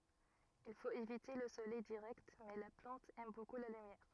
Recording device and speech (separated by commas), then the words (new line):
rigid in-ear microphone, read sentence
Il faut éviter le soleil direct, mais la plante aime beaucoup la lumière.